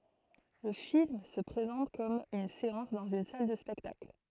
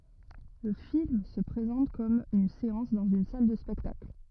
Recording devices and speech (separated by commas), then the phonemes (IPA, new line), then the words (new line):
throat microphone, rigid in-ear microphone, read sentence
lə film sə pʁezɑ̃t kɔm yn seɑ̃s dɑ̃z yn sal də spɛktakl
Le film se présente comme une séance dans une salle de spectacle.